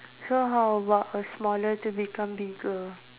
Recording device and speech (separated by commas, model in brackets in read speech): telephone, conversation in separate rooms